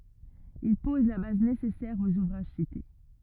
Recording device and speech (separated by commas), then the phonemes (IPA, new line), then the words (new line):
rigid in-ear microphone, read sentence
il pɔz la baz nesɛsɛʁ oz uvʁaʒ site
Il pose la base nécessaire aux ouvrages cités.